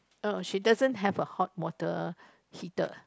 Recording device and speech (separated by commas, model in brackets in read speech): close-talking microphone, conversation in the same room